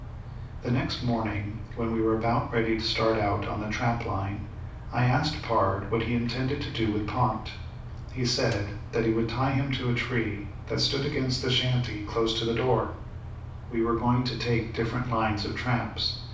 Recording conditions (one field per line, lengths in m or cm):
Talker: one person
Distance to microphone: 5.8 m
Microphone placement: far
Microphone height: 1.8 m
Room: medium-sized (5.7 m by 4.0 m)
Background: none